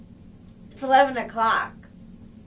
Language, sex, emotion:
English, female, neutral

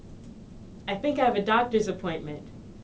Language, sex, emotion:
English, female, neutral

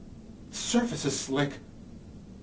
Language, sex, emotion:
English, male, neutral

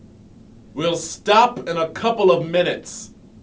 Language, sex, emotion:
English, male, angry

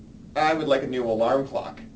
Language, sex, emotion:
English, male, neutral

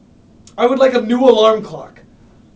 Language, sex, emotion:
English, male, angry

